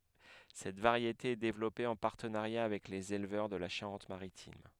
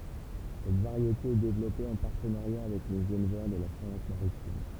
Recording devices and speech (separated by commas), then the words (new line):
headset microphone, temple vibration pickup, read sentence
Cette variété est développée en partenariat avec les éleveurs de la Charente-Maritime.